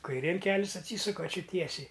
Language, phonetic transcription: Lithuanian, kaiˈrėn ˈkelis atˈsysuka aˈči ˈtiesiai

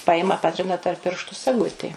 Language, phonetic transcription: Lithuanian, ˈpajima ˈpatrina tarp ˈpirštu saˈgutė

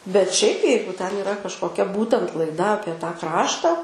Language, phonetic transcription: Lithuanian, bet šiaip ˈjeigu ten iˈra kažkoˈkia ˈbūtent laiˈda ˈapie tą ˈkrašta

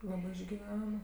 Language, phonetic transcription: Lithuanian, ˈlabɜ išgiˈven

